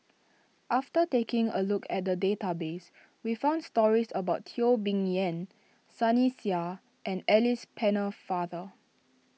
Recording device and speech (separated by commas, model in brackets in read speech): mobile phone (iPhone 6), read sentence